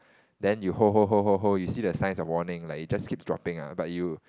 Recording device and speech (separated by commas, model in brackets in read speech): close-talking microphone, conversation in the same room